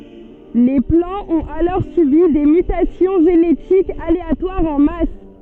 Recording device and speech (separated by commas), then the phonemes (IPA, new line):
soft in-ear microphone, read sentence
le plɑ̃z ɔ̃t alɔʁ sybi de mytasjɔ̃ ʒenetikz aleatwaʁz ɑ̃ mas